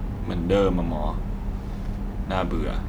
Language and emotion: Thai, frustrated